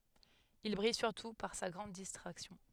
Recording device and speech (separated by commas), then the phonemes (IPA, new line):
headset microphone, read sentence
il bʁij syʁtu paʁ sa ɡʁɑ̃d distʁaksjɔ̃